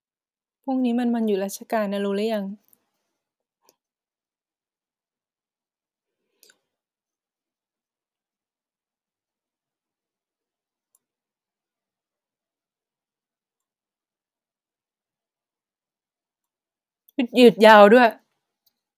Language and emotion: Thai, neutral